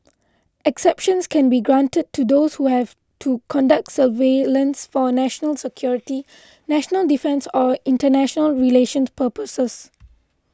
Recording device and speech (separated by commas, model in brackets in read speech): close-talking microphone (WH20), read sentence